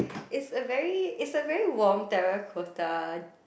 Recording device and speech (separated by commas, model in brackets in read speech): boundary microphone, conversation in the same room